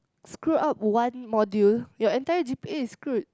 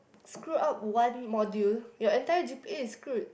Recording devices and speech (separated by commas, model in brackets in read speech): close-talking microphone, boundary microphone, conversation in the same room